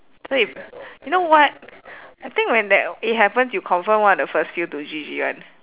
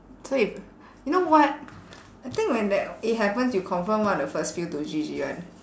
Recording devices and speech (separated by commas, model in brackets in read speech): telephone, standing microphone, conversation in separate rooms